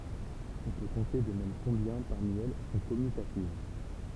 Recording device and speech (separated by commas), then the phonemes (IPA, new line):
temple vibration pickup, read sentence
ɔ̃ pø kɔ̃te də mɛm kɔ̃bjɛ̃ paʁmi ɛl sɔ̃ kɔmytativ